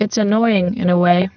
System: VC, spectral filtering